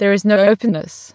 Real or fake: fake